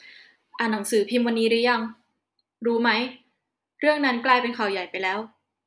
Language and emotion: Thai, neutral